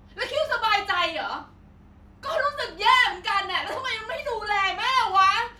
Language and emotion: Thai, angry